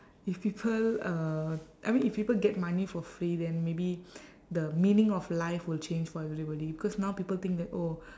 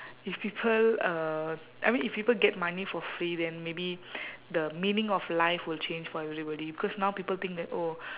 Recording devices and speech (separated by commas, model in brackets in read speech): standing microphone, telephone, conversation in separate rooms